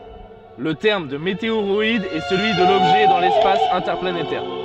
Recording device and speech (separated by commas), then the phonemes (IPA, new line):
soft in-ear microphone, read sentence
lə tɛʁm də meteoʁɔid ɛ səlyi də lɔbʒɛ dɑ̃ lɛspas ɛ̃tɛʁplanetɛʁ